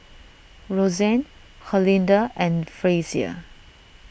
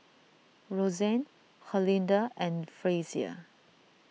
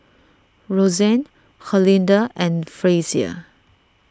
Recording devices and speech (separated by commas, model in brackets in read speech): boundary microphone (BM630), mobile phone (iPhone 6), standing microphone (AKG C214), read sentence